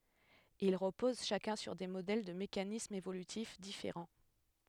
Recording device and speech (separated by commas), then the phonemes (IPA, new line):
headset microphone, read sentence
il ʁəpoz ʃakœ̃ syʁ de modɛl də mekanismz evolytif difeʁɑ̃